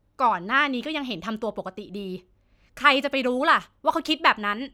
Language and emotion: Thai, angry